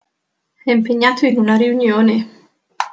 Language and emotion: Italian, fearful